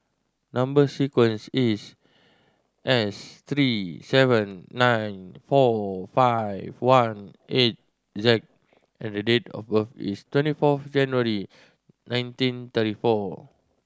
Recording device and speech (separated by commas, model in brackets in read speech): standing microphone (AKG C214), read sentence